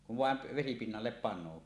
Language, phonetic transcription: Finnish, kuv "vàem p- , 'vesipinnallep pan̆noo .
- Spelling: kun vain - vesipinnalle panee

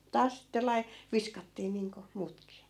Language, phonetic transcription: Finnish, 'taas sitte 'lai- , "viskattii niiŋko , 'muutkii .
- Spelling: taas sitten - viskattiin niin kuin muutkin

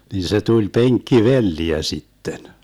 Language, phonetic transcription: Finnish, nin se 'tuĺ "peŋkki"velliä 'sitten .
- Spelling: niin se tuli penkkivelliä sitten

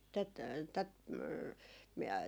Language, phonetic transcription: Finnish, tät , tät , m- miä ,.
- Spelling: tätä tätä - minä

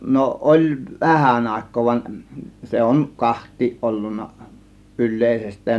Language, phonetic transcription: Finnish, no 'ˀoĺ "vähän 'àėk̆koo van , 'se 'on , "kaht̆tiiˀ ˀollunna , "yl̆lèisest̆tään .
- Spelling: no oli vähän aikaa vaan se on kahtia ollut yleisestään

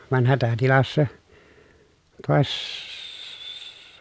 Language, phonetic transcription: Finnish, van hätätilassa , tòesss-, .
- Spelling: vaan hätätilassa -

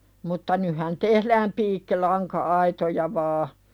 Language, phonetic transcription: Finnish, mutta 'nyhan "tehlääm 'piikkilaŋka₍aitoja vaa .
- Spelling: mutta nythän tehdään piikkilanka-aitoja vain

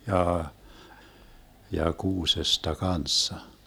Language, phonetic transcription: Finnish, 'jaa , ja 'kuusesta "kanssa .
- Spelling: jaa ja kuusesta kanssa

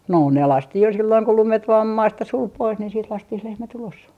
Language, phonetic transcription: Finnish, 'no ne "lastih jo silloiŋ ku "lumet vaam 'maasta 'sul 'pois niin siit 'lastih 'lehmät ‿ulos .
- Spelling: no ne laskettiin jo silloin kun lumet vain maasta suli pois niin sitten laskettiin lehmät ulos

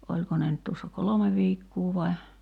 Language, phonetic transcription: Finnish, 'oĺko ne nyt tuossa "kolome 'viikkuu vai̬ ,.
- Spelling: oliko ne nyt tuossa kolme viikkoa vai

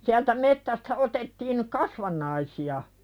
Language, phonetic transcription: Finnish, siältä mettästä 'otettiin , "kasvan̆naisi₍a .
- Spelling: sieltä metsästä otettiin kasvannaisia

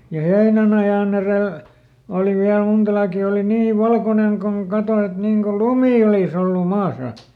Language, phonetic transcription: Finnish, ja ˈheinänajàn ‿erèl , ˈòli viäl ˈmunta laakì ˈoli "nii "valkonen koŋ ˈkato et ˈniŋ ko "lumì olis ‿ollu ˈmaasa .
- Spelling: ja heinänajan edellä oli vielä monta laakia oli niin valkoinen kuin kato että niin kuin lumi olisi ollut maassa

